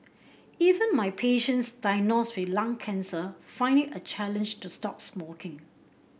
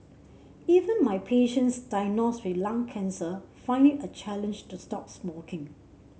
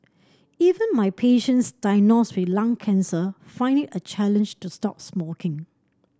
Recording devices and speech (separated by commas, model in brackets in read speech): boundary microphone (BM630), mobile phone (Samsung C7), standing microphone (AKG C214), read sentence